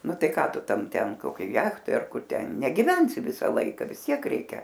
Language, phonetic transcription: Lithuanian, ˈnu ˈtai ˈką ˈtu ˈtam ˈten koˈkioj ˈjachtoj ar ˈkur ˈten negiˈvensi ˈvisa ˈlaika vis ˈtiek ˈreikia

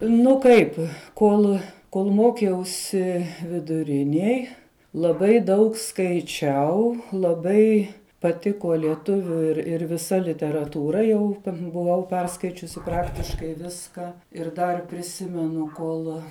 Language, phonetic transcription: Lithuanian, ˈnu ˈkaip ˈkol kol ˈmokiausi viduˈriniej laˈbai ˈdaug skaiˈčiau laˈbai paˈtiko lieˈtuviu ir ir viˈsa literatūˈra jau buˈvau ˈperskaičiusi ˈpraktiškai ˈviska ir dar priˈsimenu ˈkol

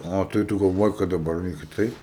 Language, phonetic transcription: Lithuanian, ˈa tai ˈtu galˈvoji kad daˈbar ne kiˈtaip

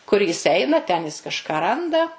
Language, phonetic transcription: Lithuanian, kur ˈjis ˈeina ten ˈjis kažˈką ˈranda

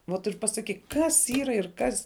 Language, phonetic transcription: Lithuanian, vot ir pasaˈkyk ˈkas ˈyra ir ˈkas

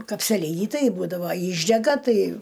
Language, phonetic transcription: Lithuanian, kapseˈlyni ˈtai ˈbūdavo ˈyšdega ˈtai

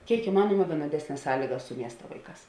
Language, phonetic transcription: Lithuanian, ˈkėik iˈmanuoma vienoˈdesnes ˈsąlygas su ˈmiesta ˈvaiˌkās

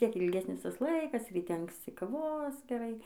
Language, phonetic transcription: Lithuanian, ˈvis ˈtiek ilˈgesnis ˈtas ˈlaikas ryˈte anksˈci kaˈvos geˈrai

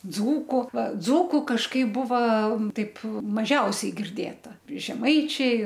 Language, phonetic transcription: Lithuanian, ˈdzūku va ˈdzūku kažˈkaip ˈbuva ˈtaip maˈžiausiai girˈdėta žeˈmaičiai

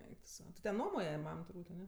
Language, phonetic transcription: Lithuanian, ˈeik tu ˈsau ti ten ˈnuomoje ˈmam turˈbūt' aˈne

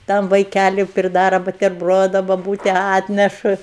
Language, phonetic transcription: Lithuanian, ˈtam vaiˈkæliu priˈdara buterˈbrodu baˈbūte ˈatnešu

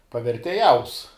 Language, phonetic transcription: Lithuanian, pavertėˈjaus

